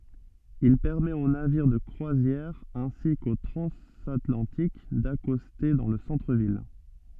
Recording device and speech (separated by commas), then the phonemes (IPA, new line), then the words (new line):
soft in-ear microphone, read sentence
il pɛʁmɛt o naviʁ də kʁwazjɛʁ ɛ̃si ko tʁɑ̃zatlɑ̃tik dakɔste dɑ̃ lə sɑ̃tʁəvil
Il permet aux navires de croisière ainsi qu'aux transatlantiques d'accoster dans le centre-ville.